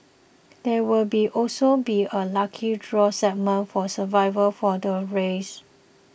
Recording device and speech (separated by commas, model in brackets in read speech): boundary microphone (BM630), read sentence